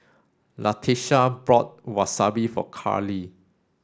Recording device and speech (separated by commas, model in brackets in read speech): standing microphone (AKG C214), read sentence